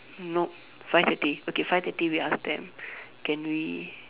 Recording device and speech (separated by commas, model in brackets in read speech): telephone, conversation in separate rooms